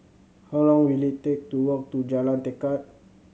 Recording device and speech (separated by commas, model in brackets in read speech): mobile phone (Samsung C7100), read sentence